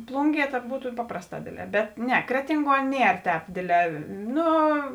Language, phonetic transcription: Lithuanian, ˈplūnˌgie tad ˈbūtu ˈpaprasˌtā ˈdėdˌlē bet ˈne ˈkretinˌguo ˈnier ˈtēp ˈdėdˌlē ˈnu

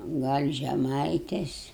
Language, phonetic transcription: Lithuanian, ˈgal' žeˈmaitės

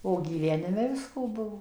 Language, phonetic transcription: Lithuanian, o gyˈvenime ˈvisko ˈbuvo

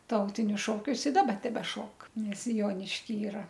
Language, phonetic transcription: Lithuanian, ˈtautinius šoˈkius i ˈdaba tebeˈšok nes ˈjonišky ˈyra

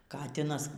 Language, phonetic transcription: Lithuanian, ˈkatinas

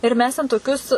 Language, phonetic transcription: Lithuanian, ir ˈmes ten toˈkius

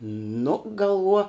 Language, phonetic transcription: Lithuanian, nu galˈvuo

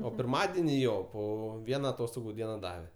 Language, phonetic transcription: Lithuanian, o pirˈmadeni ˈjo ˈpo ˈviena aˈtostogu ˈdiena ˈdave

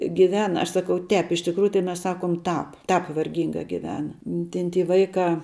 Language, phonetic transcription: Lithuanian, giˈvena ˈaš ˈsakau ˈtēp iš tikˈrųju tai ˈmes ˈsakom ˈtāp ˈtāp varˈgyngā giˈvena ˈten ty ˈvaikā

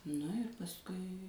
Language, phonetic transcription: Lithuanian, ˈnu ir pasˈkui

